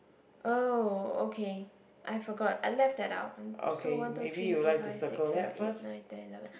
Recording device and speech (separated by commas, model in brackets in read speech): boundary microphone, conversation in the same room